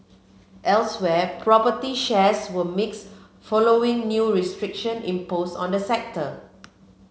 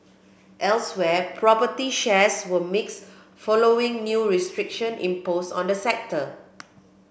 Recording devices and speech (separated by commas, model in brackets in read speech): mobile phone (Samsung C7), boundary microphone (BM630), read sentence